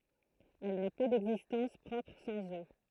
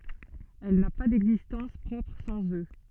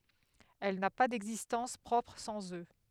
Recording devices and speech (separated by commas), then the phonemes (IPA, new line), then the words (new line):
throat microphone, soft in-ear microphone, headset microphone, read sentence
ɛl na pa dɛɡzistɑ̃s pʁɔpʁ sɑ̃z ø
Elle n'a pas d'existence propre sans eux.